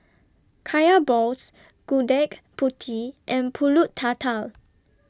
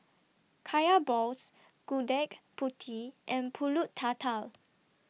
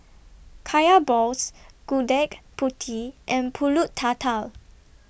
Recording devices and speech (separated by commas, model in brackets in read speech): standing microphone (AKG C214), mobile phone (iPhone 6), boundary microphone (BM630), read sentence